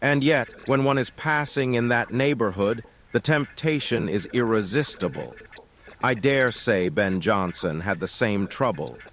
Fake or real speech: fake